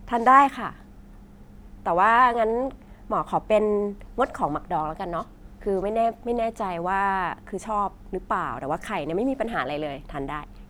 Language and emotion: Thai, neutral